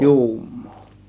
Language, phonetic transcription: Finnish, juummOO .
- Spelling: juumaa

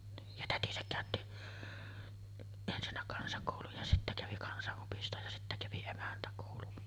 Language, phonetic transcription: Finnish, niij ja 'tätisäk 'kä̀ötti , ensinnä 'kansakòuluj ja sittä kävi 'kansa’’opistoj ja sittä kävi 'emäntäkòulun .
- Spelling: niin ja tätinsä käytti ensinnä kansakoulun ja sitten kävi kansaopiston ja sitten kävi emäntäkoulun

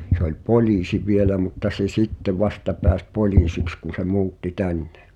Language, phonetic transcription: Finnish, se ‿oĺ "poĺ̳iisi vielä mutta se "sitteᵛ 'vasta peäs "poĺiisiks kun̬ se "mu̬utti 'tännᴇ .
- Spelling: se oli poliisi vielä mutta se sitten vasta pääsi poliisiksi kun se muutti tänne

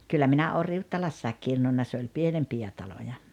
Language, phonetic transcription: Finnish, » 'kyllä 'minä oo "Riuttalassaek 'kirnunna « se oĺ "pienempijä 'taloja .
- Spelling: kyllä minä olen Riuttalassa kirnunnut se oli pienempiä taloja

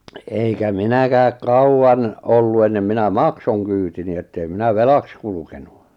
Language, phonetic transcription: Finnish, eikä 'minäkääk 'kauwan , 'ollu ennem 'minä "maksoŋ kyytini ettei 'minä "velaks kulukenu .
- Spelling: eikä minäkään kauan ollut ennen minä maksoin kyytini että ei minä velaksi kulkenut

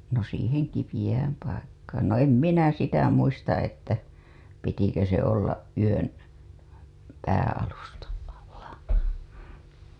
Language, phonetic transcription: Finnish, no siiheŋ kipiiʲääm paikkaan no 'em minä 'sitä muista 'että , pitikö se ollaˀ ˀyön , päää̰‿alustaˀ ˀalla .
- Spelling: no siihen kipeään paikkaan no en minä sitä muista että pitikö se olla yön päänalustan alla

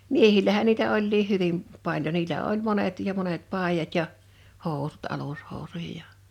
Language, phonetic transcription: Finnish, miehil̆lähän niitä 'oĺliih̆ "hyvim , 'paĺjo niillä oĺ 'monet ja 'monet "pàijat ja , 'hòusut 'alushòusuj(a) ja ,.
- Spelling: miehillähän niitä olikin hyvin paljon niillä oli monet ja monet paidat ja housut alushousuja ja

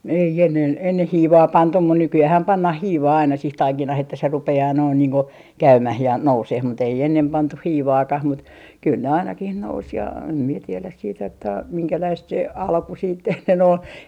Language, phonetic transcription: Finnish, 'ei 'ennen 'enneh "hiivaa 'pantum mun 'nyky₍äähäm "pannah 'hiivaa aina sih "taikinah ‿että se 'rupe₍aa noin niiŋ ku , "käymäh ja 'nouseh mut ‿ei 'ennem 'pantuh "hiivaakah mut kyl ne 'ainakih nous ja , em mie 'tieläs siit ‿että 'miŋkäläist se "alku siit ennen ‿ol .
- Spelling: ei ennen ennen hiivaa pantu mutta nykyäänhän pannaan hiivaa aina siihen taikinaan että se rupeaa noin niin kuin käymään ja nousemaan mutta ei ennen pantu hiivaakaan mutta kyllä ne ainakin nousi ja en minä tiedä sitten että minkälaista se alku sitten ennen oli

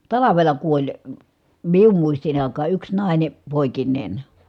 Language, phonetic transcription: Finnish, talavela kuoĺ , mium muistin ‿àikaa yks nài̮ne , pòikin̆nèn .
- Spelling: talvella kuoli minun muistin aikaan yksi nainen poikineen

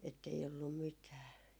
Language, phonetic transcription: Finnish, ettei ollum 'mitää .
- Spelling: että ei ollut mitään

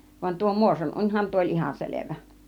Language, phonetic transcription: Finnish, van tuo 'Muoson 'uńhan tuo oĺ 'ihan 'selevä .
- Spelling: vaan tuo Muoson unihan tuo oli ihan selvä

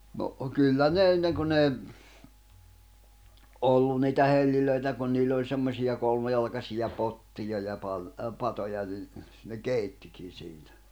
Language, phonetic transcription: Finnish, no , 'kyllä ne 'enneŋ kun ‿èi , "’ollun̆ niitä 'hellilöitä kun niill ‿oĺ semmosi₍a 'kolmjalkasija 'pottija ja pan- , ə 'patoja ni , ne "kèittikin̬ 'siinä .
- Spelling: no kyllä ne ennen kun ei ollut niitä helloja kun niillä oli semmoisia kolmijalkaisia pottia ja - - patoja niin ne keittikin siinä

